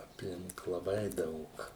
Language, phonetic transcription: Lithuanian, apˈlink laˈbai ˈdaug

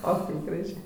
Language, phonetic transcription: Lithuanian, o ˈkaip graˈžė

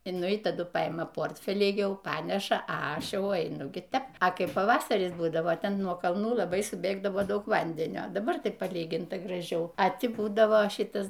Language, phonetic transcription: Lithuanian, i ˈnu i taˈdu paˈima ˈportfelį ˈjau ˈpaneša a ˈaš ˈjau eiˈnu ˈgi ˈtep a ˈkaip paˈvasaris ˈbūdavo ˈten nuo kalˈnų ˈlabai suˈbėgdavo ˈdaug ˈvandenio daˈbar tik paˈlyginta graˈžiau a ˈti ˈbūdavo ˈšitas

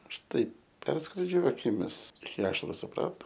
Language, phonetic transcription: Lithuanian, ˈaš ˈtaip ˈperskrodžiu akiˈmis iki ˈašaru suˈprato

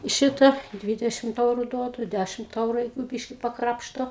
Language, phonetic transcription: Lithuanian, ˈšita ˈdvidešimt ˈeuru ˈduodu ˈdæšimt ˈeuru ˈjeigu ˈbyški paˈkrapšto

